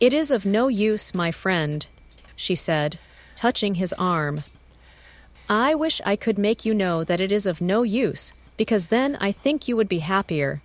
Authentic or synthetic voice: synthetic